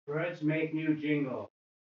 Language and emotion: English, angry